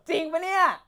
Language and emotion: Thai, happy